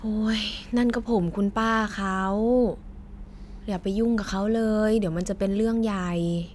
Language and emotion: Thai, frustrated